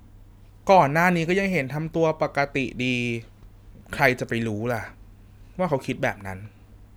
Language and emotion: Thai, neutral